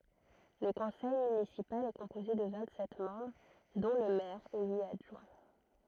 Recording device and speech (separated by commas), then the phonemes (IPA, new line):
throat microphone, read sentence
lə kɔ̃sɛj mynisipal ɛ kɔ̃poze də vɛ̃t sɛt mɑ̃bʁ dɔ̃ lə mɛʁ e yit adʒwɛ̃